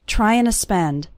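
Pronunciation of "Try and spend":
In 'trying to spend', the word 'to' is reduced to just a little uh sound at the end of 'trying'.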